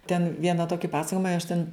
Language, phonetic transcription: Lithuanian, ten ˈviena ˈtoki ˈpasakojima i aš ten

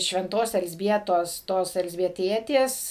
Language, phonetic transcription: Lithuanian, švenˈtos elzˈbietos ˈtos elzbieˈtietės

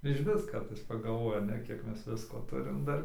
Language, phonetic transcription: Lithuanian, išˈvis ˈkartais pagalˈvojame ˈkiek ˈmes ˈvisko ˈturim ˈdar

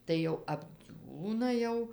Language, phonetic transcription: Lithuanian, tai ˈjau apˈdziūna jau

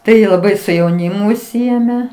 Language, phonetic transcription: Lithuanian, ˈtai laˈbai su jauˈnimu užˈsiėme

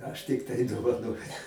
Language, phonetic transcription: Lithuanian, ˈaš tikˈtai dovaˈnoju

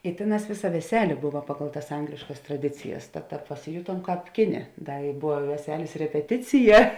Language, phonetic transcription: Lithuanian, i ˈtėˌnās ˈvėˌsa veˈselė ˈbuva ˈpagal tas ˈangliškas traˈdicijas tad ˈtāp pasiˈjutuom ˈkāp ˈkiˌnė ˈda i ˈbuva i veˈselės repeˈticija

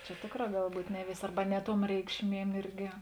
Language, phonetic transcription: Lithuanian, čia ˈtėkˌrā ˈgal ˈbūt' ˈne ˈvėsė ˈarba ˈne ˌtuom ˈreikšˌmiem ˈirgi

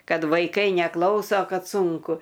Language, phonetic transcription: Lithuanian, ˈkad vaiˈkai neˈklauso ˈkad ˈsunku

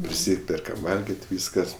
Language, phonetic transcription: Lithuanian, priˈsyperkam ˈvalgit' ˈvyskas

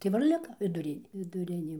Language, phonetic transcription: Lithuanian, tai ˈva ir ˈlika viˈdurin' viduˈrinė

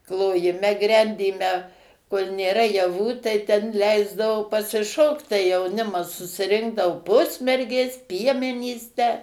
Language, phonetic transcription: Lithuanian, klojiˈme ˈgrendyme kol' nėˈra jaˈvų tai ˈten ˈleisdavo pasiˈšokt tai jauˈnimas susiˈrinkdao ˈpusmergės ˈpiemenys tę

